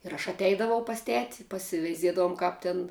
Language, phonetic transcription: Lithuanian, ir aš atˈeidavau pas ˈteti pasiveiˈziedavum ˈkāp tin

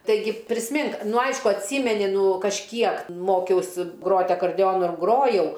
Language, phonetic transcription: Lithuanian, taiˈgi prisˈmink ˈnu ˈaišku atˈsymeni ˈnū kažˈkiek ˈmokiausi ˈgrot' akarˈdeonu ˈgrojau

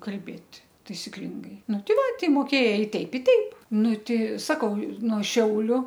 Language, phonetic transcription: Lithuanian, kalˈbėt' taisiˈklingai ˈnu ˈti ˈva tei moˈkėjai ˈteip i ˈteip ˈnu ˈtei ˈsakau no ˈšiauliu

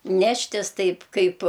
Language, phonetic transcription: Lithuanian, ˈneštis ˈtaip ˈkaip

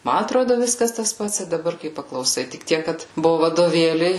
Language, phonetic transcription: Lithuanian, ˈma atˈrodo ˈviskas tas ˈpats i daˈbar kai paklauˈsai tik ˈtiek kad ˈbuvu vadoˈvėliai

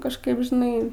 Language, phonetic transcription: Lithuanian, kažˈkaip žiˈnai

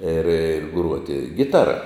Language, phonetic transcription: Lithuanian, ir ˈgruoti ˈgitara

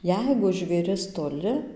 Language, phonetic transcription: Lithuanian, ˈjeigu žvėˈris toˈli

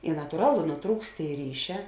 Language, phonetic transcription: Lithuanian, i natuˈralu nuˈtrūkst ˈtėi ˈryˌšē

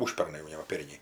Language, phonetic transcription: Lithuanian, ˈužpernai jau ˈne va ˈperniai

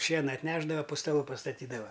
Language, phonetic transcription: Lithuanian, ˈšiena atˈnešdava pu staˈlu pastaˈtydava

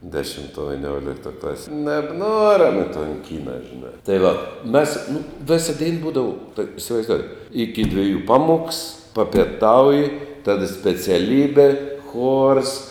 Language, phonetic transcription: Lithuanian, dešimˈtuoj viˈniuoliktoj ˈklasėj nebˈnuorem i ton ˈkyna žiˈnā tai ˈva ˈmes nu ˈvisa dein ˈbūdava tuok' isivaizˈdoujėt iki dviˈjų ˈpaˌmuoks papėˈtauji ˈtada speciaˈlybe chors

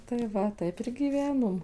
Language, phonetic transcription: Lithuanian, tai ˈva ˈtaip ir gyˈvenom

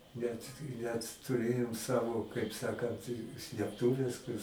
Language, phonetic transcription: Lithuanian, net net tuˈrėjom ˈsavo kaip ˈsakant slėpˈtuves kur

